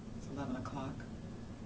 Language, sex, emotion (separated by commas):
English, female, neutral